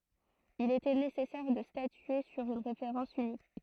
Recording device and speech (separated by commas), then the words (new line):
throat microphone, read sentence
Il était nécessaire de statuer sur une référence unique.